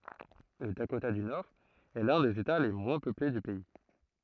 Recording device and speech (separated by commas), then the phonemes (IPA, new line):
throat microphone, read sentence
lə dakota dy noʁɛst lœ̃ dez eta le mwɛ̃ pøple dy pɛi